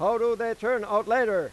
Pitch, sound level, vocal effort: 235 Hz, 102 dB SPL, very loud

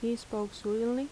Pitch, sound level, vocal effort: 225 Hz, 81 dB SPL, soft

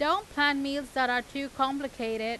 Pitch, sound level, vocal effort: 275 Hz, 94 dB SPL, very loud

